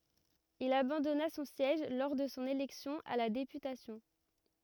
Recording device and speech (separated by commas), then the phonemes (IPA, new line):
rigid in-ear microphone, read sentence
il abɑ̃dɔna sɔ̃ sjɛʒ lɔʁ də sɔ̃ elɛksjɔ̃ a la depytasjɔ̃